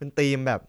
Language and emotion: Thai, neutral